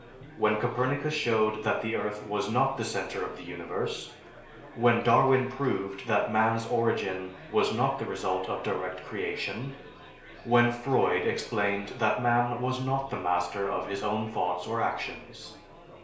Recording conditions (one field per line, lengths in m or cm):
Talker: one person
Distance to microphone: 1.0 m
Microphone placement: close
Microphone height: 1.1 m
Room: small (3.7 m by 2.7 m)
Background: babble